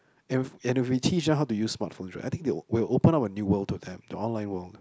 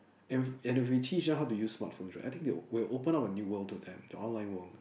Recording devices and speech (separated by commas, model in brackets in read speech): close-talking microphone, boundary microphone, conversation in the same room